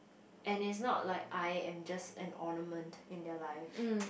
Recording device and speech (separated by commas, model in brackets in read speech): boundary microphone, conversation in the same room